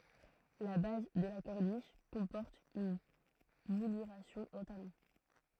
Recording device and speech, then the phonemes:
throat microphone, read sentence
la baz də la kɔʁniʃ kɔ̃pɔʁt yn mulyʁasjɔ̃ ɑ̃ talɔ̃

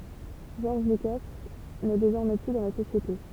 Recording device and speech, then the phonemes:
temple vibration pickup, read sentence
ʒɔʁʒ lyka nɛ dezɔʁmɛ ply dɑ̃ la sosjete

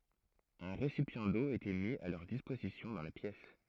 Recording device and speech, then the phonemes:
throat microphone, read sentence
œ̃ ʁesipjɑ̃ do etɛ mi a lœʁ dispozisjɔ̃ dɑ̃ la pjɛs

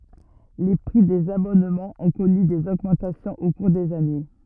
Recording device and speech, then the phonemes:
rigid in-ear microphone, read sentence
le pʁi dez abɔnmɑ̃z ɔ̃ kɔny dez oɡmɑ̃tasjɔ̃z o kuʁ dez ane

